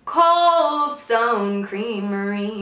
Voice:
sing -songy voice